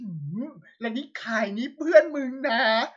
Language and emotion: Thai, happy